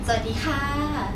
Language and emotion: Thai, happy